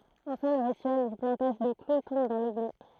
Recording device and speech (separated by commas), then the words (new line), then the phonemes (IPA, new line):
throat microphone, read sentence
Enfin, le rituel du plantage de clou tombe dans l'oubli.
ɑ̃fɛ̃ lə ʁityɛl dy plɑ̃taʒ də klu tɔ̃b dɑ̃ lubli